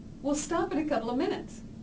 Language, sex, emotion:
English
female
neutral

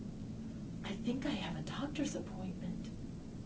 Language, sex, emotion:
English
female
fearful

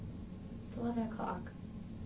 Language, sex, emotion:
English
female
sad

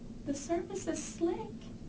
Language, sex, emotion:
English
female
fearful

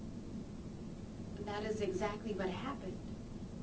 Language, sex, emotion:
English
female
neutral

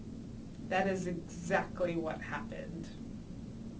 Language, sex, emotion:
English
female
disgusted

